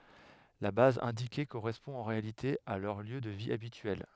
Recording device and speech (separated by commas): headset microphone, read sentence